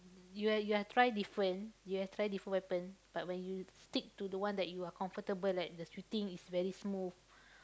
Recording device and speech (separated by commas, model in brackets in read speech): close-talking microphone, conversation in the same room